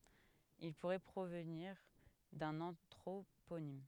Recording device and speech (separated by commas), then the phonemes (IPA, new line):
headset microphone, read sentence
il puʁɛ pʁovniʁ dœ̃n ɑ̃tʁoponim